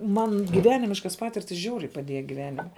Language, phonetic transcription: Lithuanian, ˈman giˈvenimiška ˈpatirtis ˈžiauriai paˈdėja giˈvenime

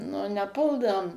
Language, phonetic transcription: Lithuanian, nu neˈpuldavom

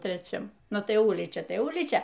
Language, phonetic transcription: Lithuanian, treˈčiam ˈnu tai ˈulyčia ˈtai ˈulyčia

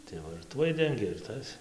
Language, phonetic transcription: Lithuanian, tai ˈva ir ˈtuoj ˈdengė ir ˈtas

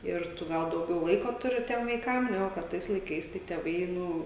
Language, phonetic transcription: Lithuanian, ir ˈtu ˈgal dauˈgiau ˈlaiko ˈturi ˈtiem vaiˈkam ˈnegu kad ˈtais laiˈkais tai tėˈvai ˈnu

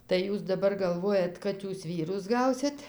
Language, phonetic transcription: Lithuanian, tai ˈjūs daˈbar galˈvojat ˈkad ˈjūs ˈvyrus ˈgausit

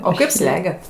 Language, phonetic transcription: Lithuanian, o ˈkaip ˈslegiat

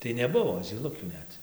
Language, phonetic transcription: Lithuanian, tai neˈbuvo zyˈlukių ˈnet

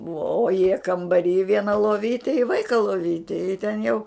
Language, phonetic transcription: Lithuanian, bua o jie kambaˈry ˈviena loˈvyti i ˈvaika loˈvyti i ten jau

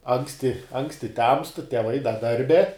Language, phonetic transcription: Lithuanian, ˈanksti ˈanksti temst teˈvai da ˈdarbe

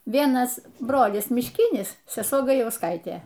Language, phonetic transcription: Lithuanian, ˈvienas ˈbrolis mišˈkinis seˈsuo gajausˈkaitė

